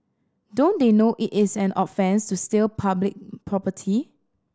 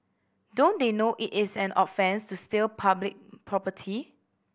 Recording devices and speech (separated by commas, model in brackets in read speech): standing microphone (AKG C214), boundary microphone (BM630), read sentence